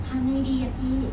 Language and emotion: Thai, neutral